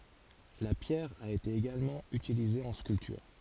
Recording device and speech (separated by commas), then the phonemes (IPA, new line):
forehead accelerometer, read sentence
la pjɛʁ a ete eɡalmɑ̃ ytilize ɑ̃ skyltyʁ